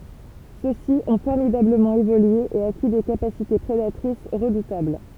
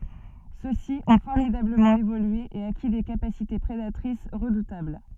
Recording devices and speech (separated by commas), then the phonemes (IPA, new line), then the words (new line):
temple vibration pickup, soft in-ear microphone, read sentence
sø si ɔ̃ fɔʁmidabləmɑ̃ evolye e aki de kapasite pʁedatʁis ʁədutabl
Ceux-ci ont formidablement évolué et acquis des capacités prédatrices redoutables.